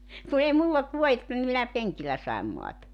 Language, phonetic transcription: Finnish, ku ei mull ‿olt 'vuo₍etta ni minä 'peŋkillä sai̬m moata .
- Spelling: kun ei minulla ollut vuodetta niin minä penkillä sain maata

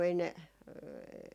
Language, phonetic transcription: Finnish, 'ei ne ,.
- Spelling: ei ne

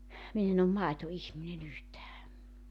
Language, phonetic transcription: Finnish, 'min ‿en ‿om "maeto₍ihmine'n ‿yhtää .
- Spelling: minä en ole maitoihminen yhtään

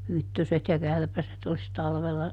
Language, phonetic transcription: Finnish, "hyttöset ja ˈkärpäset (ols) ˈtalvella ,.
- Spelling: hyttyset ja kärpäset olisi talvella

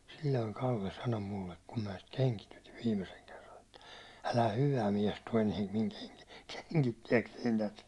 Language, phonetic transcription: Finnish, sil̜l̜oiŋ 'Kalle sano 'mullek kum mä̀ sit 'keŋkitytiv 'viimeseŋ kerran ‿että , » älä "hyvä miɛs tuå eniɛm miŋ kenki- , 'keŋkittiɛksein tät . «
- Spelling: silloin Kalle sanoi minulle kun minä sitä kengitin viimeisen kerran että älä hyvä mies tuo enää minun - kengittääkseni tätä

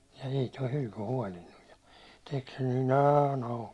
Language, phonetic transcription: Finnish, ei toi 'hylky 'huålinnuj ja , tek sen ny "nä^§n ‿auki .
- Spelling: ei tuo hylky huolinut ja teki sen nyt näin auki

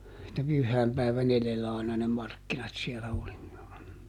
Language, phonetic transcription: Finnish, että ˈpyhhäämpäiväˈn ‿eδellä àina ne ˈmarkkinat siɛlä oli .
- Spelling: että pyhäinpäivän edellä aina ne markkinat siellä oli

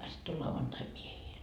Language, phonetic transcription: Finnish, sitt ‿o 'lauvantai 'miehiil .
- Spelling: sitten on lauantai miehillä

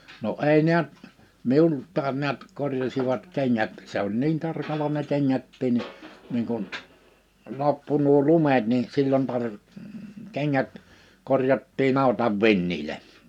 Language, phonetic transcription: Finnish, no '’ei ni̬ät , 'miulttaan ni̬ät 'korjasivat 'keŋŋät , 'se ‿oĺ 'niin 'tarkala ne 'keŋŋättiin ni , niiŋ kun , 'loppu nuo 'lumet ni , 'sillon tar- , 'keŋŋät 'korjattii'n ‿àitav 'vinniĺe .
- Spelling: no ei näet minultakin näet korjasivat kengät se oli niin tarkalla ne kengätkin niin niin kun loppui nuo lumet niin silloin - kengät korjattiin aitan vintille

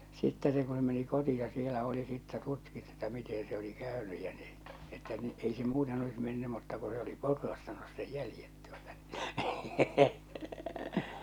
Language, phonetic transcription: Finnish, sittɛ se ku se meni 'koti₍a 'sielä 'oli sittä "tutkittu että mite se oli 'kä̀önyj ja ɴɪ , että ni , 'ei se 'muuten olis menny mutta ku se oli "potrastanus sej 'jälⁱjet tuota ɴɪ .
- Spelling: sitten se kun se meni kotiin siellä oli sitten tutkittu että miten se oli käynyt ja niin että niin ei se muuten olisi mennyt mutta kun se oli potrastanut sen jäljet tuota niin

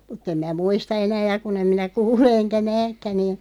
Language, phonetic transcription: Finnish, mut'ᵗ ‿em mää "muista 'enää ja 'kun ‿em minä 'kuule eŋkä "nääkkä niin ,.
- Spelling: mutta en minä muista enää ja kun en minä kuule enkä näekään niin

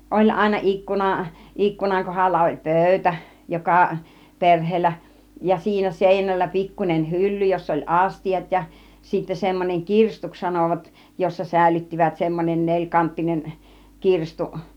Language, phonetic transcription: Finnish, 'oĺ àina 'ikkuna , 'ikkunaŋ 'kohalla oĺ "pö̀ytä , 'joka , 'perh̆heellä , ja 'siinä "sèinällä 'pikkun͕en "hylly joss ‿oĺ "astijat ja sittä semmoneŋ "kirstuks 'sanòvat , jossa "sä̀ilyttivät semmon͕en 'neĺkanttinen , 'kirstu .
- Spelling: oli aina ikkuna ikkunan kohdalla oli pöytä joka perheellä ja siinä seinällä pikkuinen hylly jossa oli astiat ja sitten semmoinen kirstuksi sanoivat jossa säilyttivät semmoinen nelikanttinen kirstu

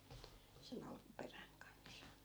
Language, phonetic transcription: Finnish, se'n ‿alkuperäŋ kans .
- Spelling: sen alkuperän kanssa

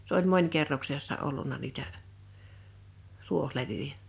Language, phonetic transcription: Finnish, s ‿oĺ 'mońkerroksessa 'olluǹa niitä , 'tuoh'levyjä .
- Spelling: se oli monikerroksessa ollut niitä tuohilevyjä

